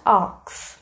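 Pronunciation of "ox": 'Ask' is pronounced incorrectly here.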